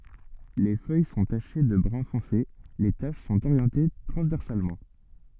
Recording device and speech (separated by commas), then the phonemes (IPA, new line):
soft in-ear microphone, read sentence
le fœj sɔ̃ taʃe də bʁœ̃ fɔ̃se le taʃ sɔ̃t oʁjɑ̃te tʁɑ̃zvɛʁsalmɑ̃